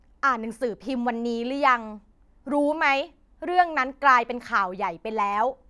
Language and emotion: Thai, frustrated